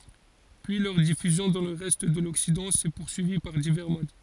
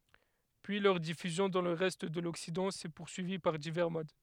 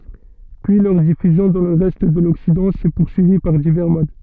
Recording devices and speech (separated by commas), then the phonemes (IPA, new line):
forehead accelerometer, headset microphone, soft in-ear microphone, read sentence
pyi lœʁ difyzjɔ̃ dɑ̃ lə ʁɛst də lɔksidɑ̃ sɛ puʁsyivi paʁ divɛʁ mod